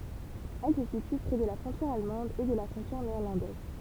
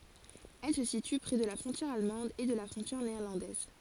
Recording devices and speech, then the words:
temple vibration pickup, forehead accelerometer, read sentence
Elle se situe près de la frontière allemande et de la frontière néerlandaise.

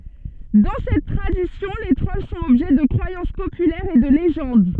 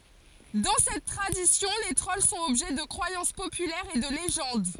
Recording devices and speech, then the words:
soft in-ear microphone, forehead accelerometer, read sentence
Dans cette tradition, les trolls sont objets de croyances populaires et de légendes.

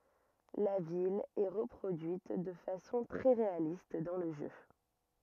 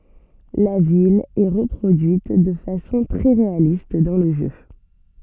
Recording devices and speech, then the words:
rigid in-ear microphone, soft in-ear microphone, read sentence
La ville est reproduite de façon très réaliste dans le jeu.

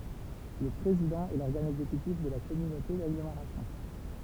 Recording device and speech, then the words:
temple vibration pickup, read sentence
Le président est l’organe exécutif de la communauté d'agglomération.

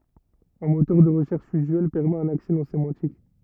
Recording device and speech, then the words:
rigid in-ear microphone, read sentence
Un moteur de recherche usuel permet un accès non sémantique.

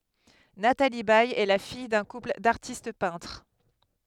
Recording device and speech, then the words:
headset microphone, read sentence
Nathalie Baye est la fille d'un couple d'artistes peintres.

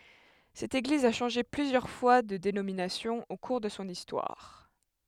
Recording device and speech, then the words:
headset microphone, read sentence
Cette Église a changé plusieurs fois de dénomination au cours de son histoire.

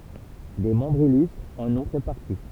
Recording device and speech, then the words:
temple vibration pickup, read sentence
Des membres illustres en ont fait partie.

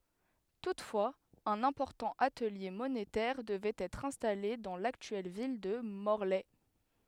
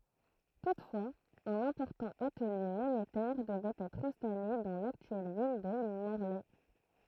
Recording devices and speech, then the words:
headset microphone, throat microphone, read sentence
Toutefois, un important atelier monétaire devait être installé dans l’actuelle ville de Morlaix.

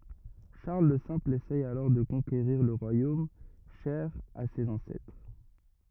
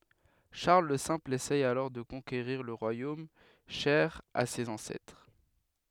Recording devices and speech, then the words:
rigid in-ear microphone, headset microphone, read sentence
Charles le Simple essaie alors de conquérir le royaume cher à ses ancêtres.

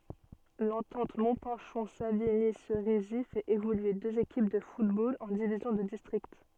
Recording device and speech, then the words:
soft in-ear microphone, read sentence
L'Entente Montpinchon-Savigny-Cerisy fait évoluer deux équipes de football en divisions de district.

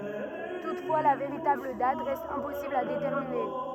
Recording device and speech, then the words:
rigid in-ear microphone, read sentence
Toutefois, la véritable date reste impossible à déterminer.

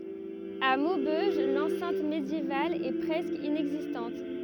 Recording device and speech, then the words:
rigid in-ear microphone, read sentence
À Maubeuge, l’enceinte médiévale est presque inexistante.

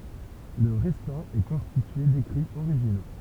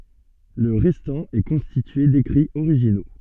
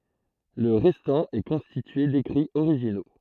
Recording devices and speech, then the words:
temple vibration pickup, soft in-ear microphone, throat microphone, read sentence
Le restant est constitué d'écrits originaux.

